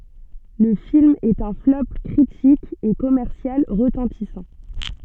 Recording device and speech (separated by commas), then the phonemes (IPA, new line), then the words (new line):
soft in-ear microphone, read sentence
lə film ɛt œ̃ flɔp kʁitik e kɔmɛʁsjal ʁətɑ̃tisɑ̃
Le film est un flop critique et commercial retentissant.